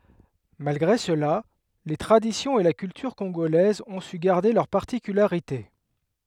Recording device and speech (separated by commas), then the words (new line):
headset microphone, read sentence
Malgré cela, les traditions et la culture congolaises ont su garder leurs particularités.